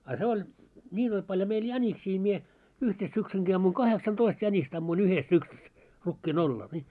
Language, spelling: Finnish, a se oli niin oli paljon meillä jäniksiä minä yhteen syksynkin ammuin kahdeksantoista jänistä ammuin yhdessä syksyssä rukiin oraalla niin
- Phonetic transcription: a 'se oĺ , 'ńiin ‿oĺ paljo meil 'jäniksii mie , 'yhte 'syksyŋki ammuiŋ "kaheksan"toist 'jäńist ‿ammuin "yhes 'syksys , rukkii'n ‿orraal ni .

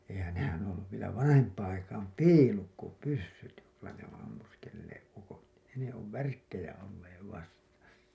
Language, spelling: Finnish, eihän nehän on ollut vielä vanhempaan aikaan piilukkopyssyt joilla ne on ammuskelleet ukot ne ne on värkkejä olleet vasta
- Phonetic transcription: 'eihän , 'nehän ‿oo̰ ‿olluv vielä 'vanahemp̀aaa̰ aikaam "piilukkopyssyt , joilla ne ‿oo̰ ammuskelleeˀ ˀukot , ne ne ov "värkkejä olleev 'vasta .

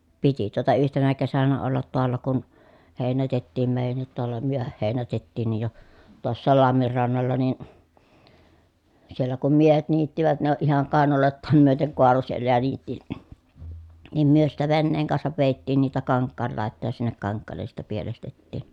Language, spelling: Finnish, piti tuota yhtenä kesänä olla taalla kun heinätettiin meidänkin taalla myöhään heinätettiinkin jo tuossakin lammin rannalla niin siellä kun miehet niittivät ne oli ihan kainaloitaan myöten kaaloi siellä ja niitti niin me sitten veneen kanssa vedettiin niitä kankaan laitaan ja sinne kankaalle sitten pielestettiin
- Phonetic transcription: piti tuota yhtenä kesänä ollat toalla kun , hèinätettiim mèi̮jännit toalla myöhäh hèinätettiinnij jo , tuossaal lammir rannalla nin , siellä kum miehet niittivät ne oʼ ʼihaŋ kàenalòettaam myöteŋ koalo siellä ja niitti , nim myö sittä venneeŋ kansav vèi̮ttiin niitä kaŋkkaal làettàj ja sinnek kaŋkkaallen̬ sitte pielestettìn .

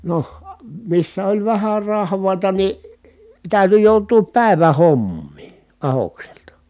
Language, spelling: Finnish, no missä oli vähän rahvaita niin täytyi joutua päivän hommiin ahdokselta
- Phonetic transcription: noh , missä oĺ vähär rahv̀ài̮ta ni , tä̀yty jòutuu pä̀ivä(h) hommii , ahokselta .

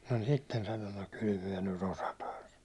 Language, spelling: Finnish, no sitten sanoi no kyllä me nyt osataan sanoa
- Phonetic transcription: no sitten sano » no 'kyl myä ny't ‿osataa « (sano) .

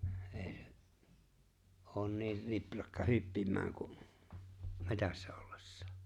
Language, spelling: Finnish, ei se ole niin riprakka hyppimään kuin metsässä ollessaan
- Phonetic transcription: '’e̬e̬ se , '’oon 'niir "riprakka "hyppim̀ääŋ ku’ , "metässä 'ollᴇssᴀᴀ .

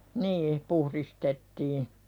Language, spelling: Finnish, niin puhdistettiin
- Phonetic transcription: nii , "puhðistettii .

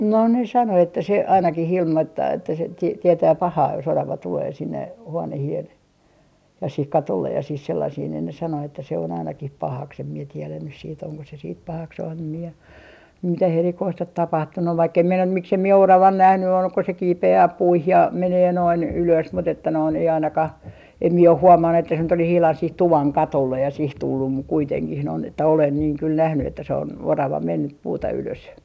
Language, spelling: Finnish, no ne sanoi että se ainakin ilmoittaa että se - tietää pahaa jos orava tulee sinne huoneeseen ja siihen katolle ja siihen sellaiseen niin ne sanoi että se on ainakin pahaksi en minä tiedä nyt sitten onko se sitten pahaksi en minä mitään erikoista ole tapahtunut vaikka en minä miksi en minä oravan nähnyt ole kun se kiipeää puihin ja menee noin ylös mutta että noin ei ainakaan en minä ole huomannut että se nyt olisi ihan siihen tuvan katolle ja siihen tullut mutta kuitenkin noin että olen niin kyllä nähnyt että se on orava mennyt puuta ylös
- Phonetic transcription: no ne 'sano että se , 'ainaki'h ‿ilmoittaa että se ti - 'tietää "pahaa jo's ‿orava 'tulee sinne , 'huonehi₍en , ja "sih 'katollej ja 'sih 'sellasih niin ne 'sano että se on 'ainakih "pahaks em mie 'tielän nys siit oŋko se siit "pahaks em mie , 'mitäh "erikoist ot 'tapahtunnu vaikk ‿em minä 'miksem 'mie "oravan 'nähny ol ko se 'kiipe₍ää 'puih ja 'menee noin 'ylös mut ‿että noin , ei 'ainakah , 'em mie oh 'huomannu että se nyt ‿olis ihlan sih "tuvaŋ 'katollej ja 'sih 'tullum muk 'kuiteŋkih noin ‿että 'olen niiŋ kyl 'nähny että se on "orava 'mennyp 'puuta ylös .

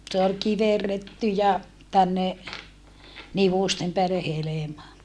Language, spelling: Finnish, se oli kiverretty ja tänne nivusten päälle helma
- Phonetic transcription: se ol kiverretty ja , tänne , nivùstem peälle helema .

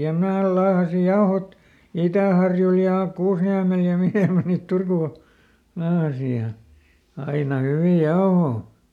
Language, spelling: Finnish, ja minä laahasin jauhot Itäharjulle ja Kuusniemelle ja mihin minä niitä Turkuun laahasin ja aina hyviä jauhoja
- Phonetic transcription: ja ˈmnää laahasi ˈjaohot , "Itä̀harjul ja "Kuusniämel ja ˈmihè mä niit "Turkù , ˈlaahasi ja , ˈaina ˈhyvì "jaohò .

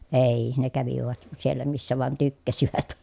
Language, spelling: Finnish, ei ne kävivät siellä missä vain tykkäsivät
- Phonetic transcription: èiii , ne kävivät , siellä missä vàᵉn tykkäsivät .

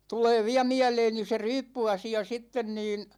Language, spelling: Finnish, tulee vielä mieleeni se ryyppyasia sitten niin
- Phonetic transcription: 'tulee viä 'miäleeni se "ryyppy₍asi₍a 'sitten niin ,.

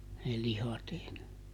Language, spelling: Finnish, ne lihat ei ne
- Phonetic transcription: ne ˈlihat ei ne ,.

